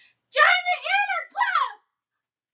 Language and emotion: English, sad